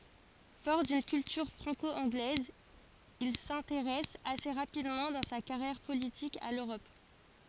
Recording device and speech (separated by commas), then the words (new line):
forehead accelerometer, read sentence
Fort d'une culture franco-anglaise, il s'intéresse assez rapidement dans sa carrière politique à l'Europe.